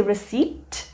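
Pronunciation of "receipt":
'receipt' is pronounced incorrectly here: the p, which should be silent, is sounded.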